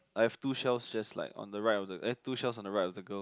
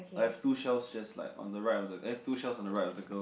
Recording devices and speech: close-talking microphone, boundary microphone, conversation in the same room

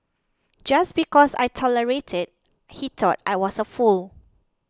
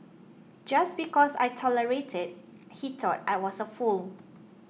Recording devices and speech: close-talking microphone (WH20), mobile phone (iPhone 6), read sentence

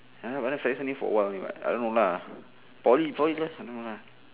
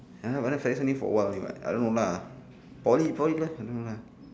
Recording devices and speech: telephone, standing microphone, conversation in separate rooms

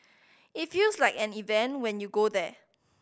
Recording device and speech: boundary microphone (BM630), read sentence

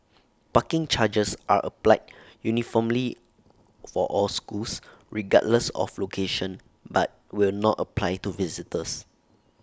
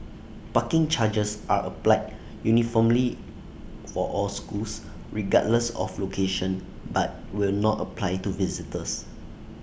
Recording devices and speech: standing microphone (AKG C214), boundary microphone (BM630), read sentence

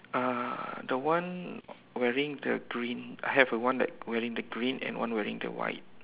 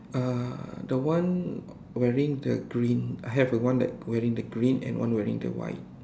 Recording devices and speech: telephone, standing microphone, conversation in separate rooms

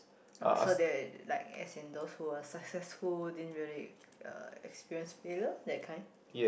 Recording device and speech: boundary microphone, conversation in the same room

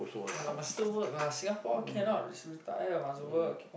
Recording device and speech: boundary microphone, conversation in the same room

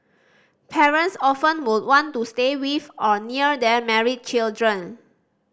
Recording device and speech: standing microphone (AKG C214), read sentence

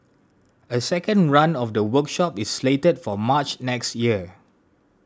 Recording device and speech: standing microphone (AKG C214), read sentence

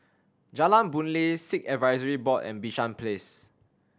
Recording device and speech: standing microphone (AKG C214), read sentence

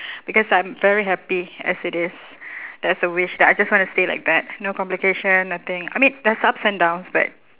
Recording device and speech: telephone, conversation in separate rooms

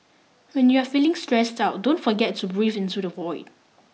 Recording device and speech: mobile phone (iPhone 6), read sentence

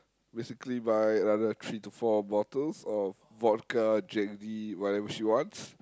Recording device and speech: close-talking microphone, conversation in the same room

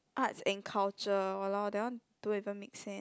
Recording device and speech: close-talking microphone, conversation in the same room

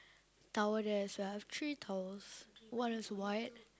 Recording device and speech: close-talking microphone, conversation in the same room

